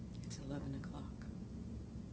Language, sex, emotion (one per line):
English
female
neutral